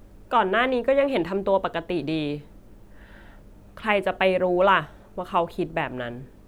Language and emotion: Thai, sad